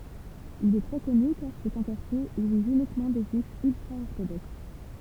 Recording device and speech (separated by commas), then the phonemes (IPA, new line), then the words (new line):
temple vibration pickup, read sentence
il ɛ tʁɛ kɔny kaʁ sɛt œ̃ kaʁtje u vivt ynikmɑ̃ de ʒyifz yltʁaɔʁtodoks
Il est très connu car c’est un quartier où vivent uniquement des Juifs ultra-orthodoxes.